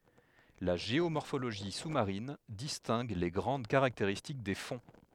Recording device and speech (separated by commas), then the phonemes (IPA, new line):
headset microphone, read sentence
la ʒeomɔʁfoloʒi su maʁin distɛ̃ɡ le ɡʁɑ̃d kaʁakteʁistik de fɔ̃